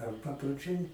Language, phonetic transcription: Lithuanian, ar paproˈčiai

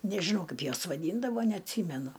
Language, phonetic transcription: Lithuanian, nežiˈnau ˈkaip ˈjuos vaˈdyndavo neatˈsymenu

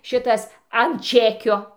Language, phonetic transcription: Lithuanian, ˈšitas an ˈčekio

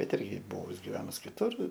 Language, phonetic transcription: Lithuanian, bet ˈirgi ˈbuvus givenus kiˈtur

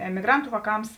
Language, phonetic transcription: Lithuanian, emiˈgrantu vāˈkams

